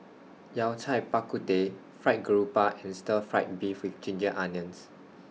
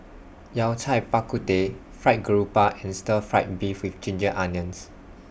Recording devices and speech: mobile phone (iPhone 6), boundary microphone (BM630), read sentence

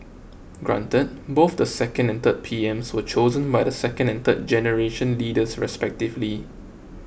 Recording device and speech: boundary microphone (BM630), read sentence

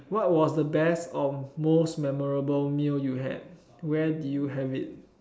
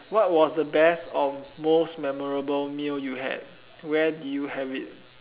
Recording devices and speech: standing microphone, telephone, conversation in separate rooms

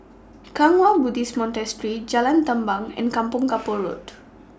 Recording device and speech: standing microphone (AKG C214), read sentence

